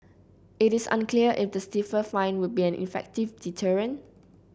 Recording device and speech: boundary microphone (BM630), read sentence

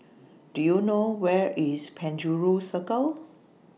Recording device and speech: mobile phone (iPhone 6), read sentence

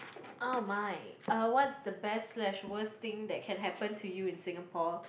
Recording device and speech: boundary microphone, conversation in the same room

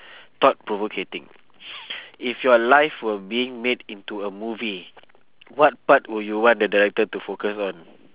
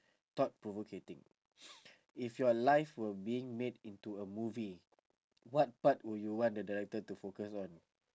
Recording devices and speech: telephone, standing microphone, conversation in separate rooms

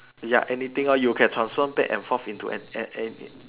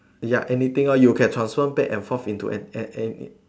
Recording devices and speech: telephone, standing microphone, conversation in separate rooms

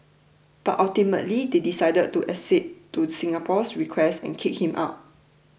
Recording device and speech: boundary microphone (BM630), read sentence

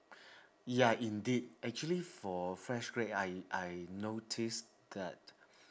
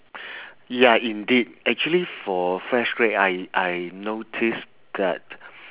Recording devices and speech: standing microphone, telephone, conversation in separate rooms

